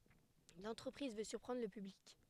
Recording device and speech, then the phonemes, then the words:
headset microphone, read sentence
lɑ̃tʁəpʁiz vø syʁpʁɑ̃dʁ lə pyblik
L’entreprise veut surprendre le public.

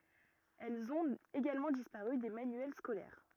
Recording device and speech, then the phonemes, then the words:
rigid in-ear microphone, read sentence
ɛlz ɔ̃t eɡalmɑ̃ dispaʁy de manyɛl skolɛʁ
Elles ont également disparu des manuels scolaires.

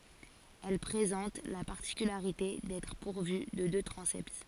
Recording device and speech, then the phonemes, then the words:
forehead accelerometer, read sentence
ɛl pʁezɑ̃t la paʁtikylaʁite dɛtʁ puʁvy də dø tʁɑ̃sɛt
Elle présente la particularité d'être pourvue de deux transepts.

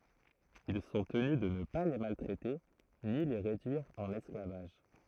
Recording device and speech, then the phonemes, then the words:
throat microphone, read sentence
il sɔ̃ təny də nə pa le maltʁɛte ni le ʁedyiʁ ɑ̃n ɛsklavaʒ
Ils sont tenus de ne pas les maltraiter ni les réduire en esclavage.

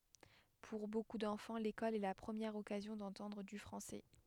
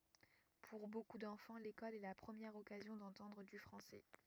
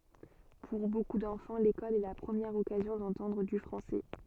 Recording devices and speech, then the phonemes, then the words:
headset microphone, rigid in-ear microphone, soft in-ear microphone, read sentence
puʁ boku dɑ̃fɑ̃ lekɔl ɛ la pʁəmjɛʁ ɔkazjɔ̃ dɑ̃tɑ̃dʁ dy fʁɑ̃sɛ
Pour beaucoup d'enfants, l'école est la première occasion d'entendre du français.

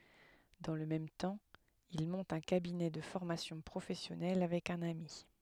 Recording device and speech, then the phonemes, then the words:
headset microphone, read sentence
dɑ̃ lə mɛm tɑ̃ il mɔ̃t œ̃ kabinɛ də fɔʁmasjɔ̃ pʁofɛsjɔnɛl avɛk œ̃n ami
Dans le même temps, il monte un cabinet de formation professionnelle avec un ami.

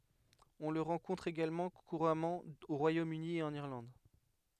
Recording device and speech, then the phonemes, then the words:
headset microphone, read sentence
ɔ̃ lə ʁɑ̃kɔ̃tʁ eɡalmɑ̃ kuʁamɑ̃ o ʁwajomøni e ɑ̃n iʁlɑ̃d
On le rencontre également couramment au Royaume-Uni et en Irlande.

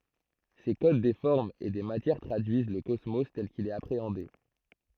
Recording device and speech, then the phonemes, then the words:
throat microphone, read sentence
se kod de fɔʁmz e de matjɛʁ tʁadyiz lə kɔsmo tɛl kil ɛt apʁeɑ̃de
Ces codes des formes et des matières traduisent le cosmos tel qu'il est appréhendé.

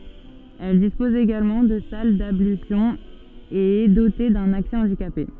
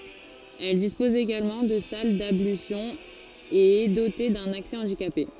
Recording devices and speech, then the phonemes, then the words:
soft in-ear microphone, forehead accelerometer, read sentence
ɛl dispɔz eɡalmɑ̃ də sal dablysjɔ̃z e ɛ dote dœ̃n aksɛ ɑ̃dikape
Elle dispose également de salles d'ablutions et est dotée d'un accès handicapés.

